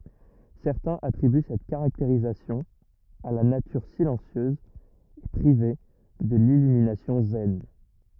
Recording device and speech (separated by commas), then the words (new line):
rigid in-ear microphone, read sentence
Certains attribuent cette caractéristique à la nature silencieuse et privée de l'illumination zen.